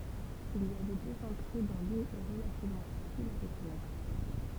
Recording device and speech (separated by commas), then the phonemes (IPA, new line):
temple vibration pickup, read sentence
il i avɛ døz ɑ̃tʁe dɔ̃ lyn ɛ ʁəlativmɑ̃ fasil a ʁəkɔnɛtʁ